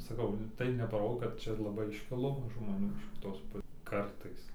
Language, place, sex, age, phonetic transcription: Lithuanian, Dzūkija, male, 18-60, saˈkau tai nepaˈro kad ˈčia laˈbai išˈkilo žmoˈnių iš kiˈtos ˈpu ˈkartais

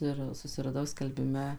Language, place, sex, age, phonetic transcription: Lithuanian, Suvalkija, female, 18-60, ˈir susiraˈdau skelbiˈme

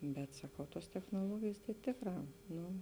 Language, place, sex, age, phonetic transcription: Lithuanian, Žemaitija, female, 18-60, bet saˈkau ˈtuos technuoˈluogėjės tai ˈtėkˌrā ˈnu

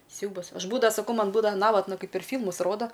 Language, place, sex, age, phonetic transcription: Lithuanian, Aukštaitija, female, 18-60, ˈsiaubas ˈaš ˈbūdava saˈkau ˈman ˈbūdava ˈnavatna ˈkaip per ˈfylmus ˈroda

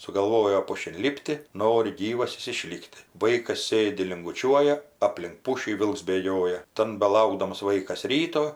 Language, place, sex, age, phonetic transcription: Lithuanian, Aukštaitija, female, 60+, sugalˈvojo ˈpušin ˈlipti ˈnori ˈgyvas ˈjis iˈšlikti ˈvaikas ˈsėdi linguˈčiuoja ˈaplink ˈpušį ˈvilks bėˈgioja ˈtan beˈlaukdams ˈvaikasˈ ryto

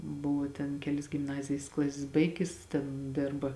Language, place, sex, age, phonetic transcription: Lithuanian, Žemaitija, female, 18-60, ˈbuvo ten ˈkelis gimˈnazijis ˈklasis ˈbaigis ˈten ˈdėrba

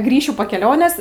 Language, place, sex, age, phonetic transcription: Lithuanian, Aukštaitija, female, 18-60, ˈgrįšiu po keˈlionės

